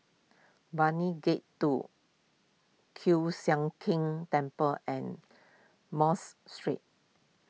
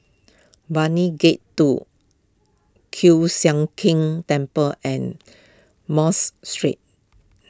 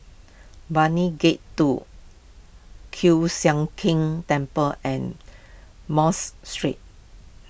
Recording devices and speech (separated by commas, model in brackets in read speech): mobile phone (iPhone 6), close-talking microphone (WH20), boundary microphone (BM630), read sentence